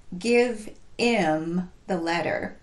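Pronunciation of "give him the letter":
'Give him the letter' is pronounced incorrectly here: 'him' is not linked to 'give', the word before it.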